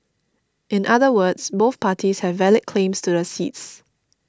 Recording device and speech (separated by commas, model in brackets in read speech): standing microphone (AKG C214), read sentence